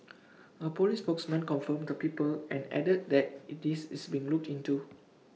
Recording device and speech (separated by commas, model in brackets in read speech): mobile phone (iPhone 6), read sentence